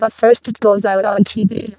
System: VC, vocoder